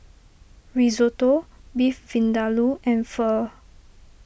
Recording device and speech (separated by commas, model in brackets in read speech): boundary microphone (BM630), read sentence